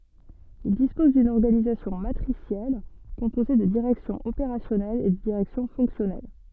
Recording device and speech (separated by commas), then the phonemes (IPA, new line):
soft in-ear microphone, read sentence
il dispɔz dyn ɔʁɡanizasjɔ̃ matʁisjɛl kɔ̃poze də diʁɛksjɔ̃z opeʁasjɔnɛlz e də diʁɛksjɔ̃ fɔ̃ksjɔnɛl